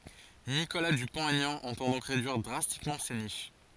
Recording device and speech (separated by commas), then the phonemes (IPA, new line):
forehead accelerometer, read sentence
nikola dypɔ̃t ɛɲɑ̃ ɑ̃tɑ̃ dɔ̃k ʁedyiʁ dʁastikmɑ̃ se niʃ